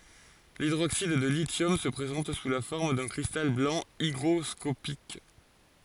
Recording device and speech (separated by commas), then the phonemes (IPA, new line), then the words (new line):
forehead accelerometer, read sentence
lidʁoksid də lisjɔm sə pʁezɑ̃t su la fɔʁm dœ̃ kʁistal blɑ̃ iɡʁɔskopik
L'hydroxyde de lithium se présente sous la forme d'un cristal blanc hygroscopique.